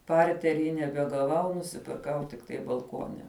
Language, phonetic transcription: Lithuanian, ˈpartery nebegaˈvau nusipirˈkau tikˈtai balˈkuone

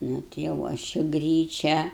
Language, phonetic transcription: Lithuanian, ˈnu tai jau ˈaš i ˈgryčią

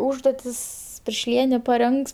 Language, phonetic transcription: Lithuanian, ˈūžduotis piršˈlienė paˈrengs

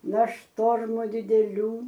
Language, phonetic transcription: Lithuanian, na ˈštormu dideˈlių

